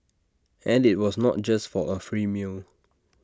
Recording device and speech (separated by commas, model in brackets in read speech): standing microphone (AKG C214), read sentence